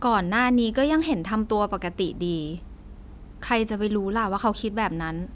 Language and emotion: Thai, neutral